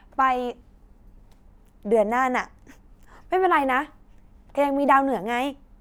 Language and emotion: Thai, frustrated